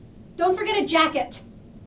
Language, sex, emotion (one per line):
English
female
angry